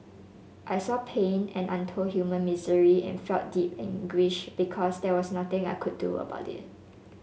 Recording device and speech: mobile phone (Samsung S8), read sentence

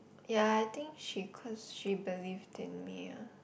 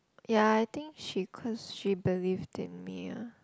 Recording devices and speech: boundary microphone, close-talking microphone, conversation in the same room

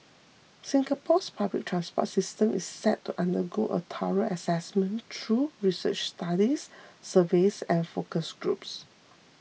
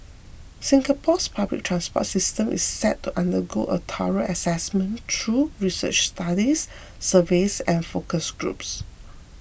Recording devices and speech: mobile phone (iPhone 6), boundary microphone (BM630), read sentence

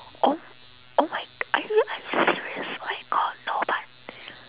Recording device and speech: telephone, conversation in separate rooms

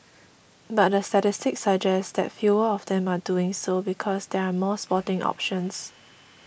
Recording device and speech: boundary microphone (BM630), read sentence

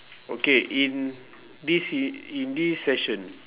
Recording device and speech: telephone, conversation in separate rooms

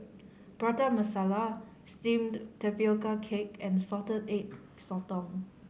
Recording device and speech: mobile phone (Samsung C5010), read sentence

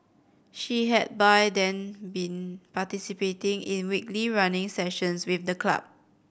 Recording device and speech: boundary microphone (BM630), read sentence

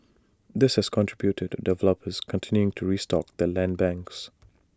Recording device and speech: standing microphone (AKG C214), read sentence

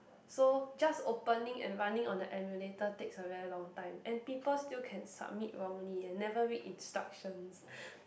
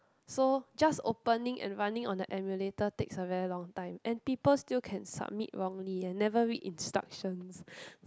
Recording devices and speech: boundary microphone, close-talking microphone, conversation in the same room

